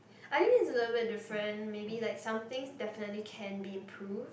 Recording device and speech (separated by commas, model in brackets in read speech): boundary microphone, conversation in the same room